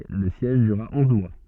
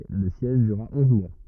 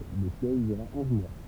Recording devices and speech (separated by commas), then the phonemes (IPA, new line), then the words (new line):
soft in-ear microphone, rigid in-ear microphone, temple vibration pickup, read sentence
lə sjɛʒ dyʁʁa ɔ̃z mwa
Le siège durera onze mois.